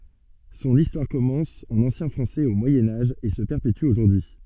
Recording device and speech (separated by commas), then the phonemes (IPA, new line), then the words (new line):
soft in-ear microphone, read sentence
sɔ̃n istwaʁ kɔmɑ̃s ɑ̃n ɑ̃sjɛ̃ fʁɑ̃sɛz o mwajɛ̃ aʒ e sə pɛʁpety oʒuʁdyi y
Son histoire commence en ancien français au Moyen Âge et se perpétue aujourd'hui.